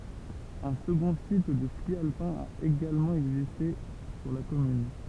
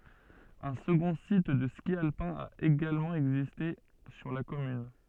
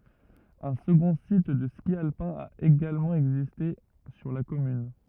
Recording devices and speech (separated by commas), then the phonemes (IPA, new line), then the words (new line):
temple vibration pickup, soft in-ear microphone, rigid in-ear microphone, read sentence
œ̃ səɡɔ̃ sit də ski alpɛ̃ a eɡalmɑ̃ ɛɡziste syʁ la kɔmyn
Un second site de ski alpin a également existé sur la commune.